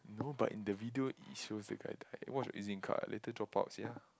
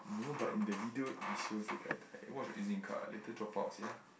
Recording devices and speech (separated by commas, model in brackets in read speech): close-talking microphone, boundary microphone, conversation in the same room